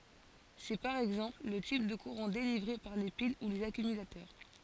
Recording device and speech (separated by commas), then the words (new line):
forehead accelerometer, read sentence
C'est, par exemple, le type de courant délivré par les piles ou les accumulateurs.